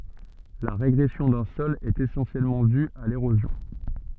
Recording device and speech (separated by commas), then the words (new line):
soft in-ear microphone, read sentence
La régression d'un sol est essentiellement due à l'érosion.